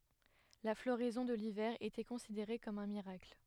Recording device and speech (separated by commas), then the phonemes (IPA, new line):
headset microphone, read sentence
la floʁɛzɔ̃ də livɛʁ etɛ kɔ̃sideʁe kɔm œ̃ miʁakl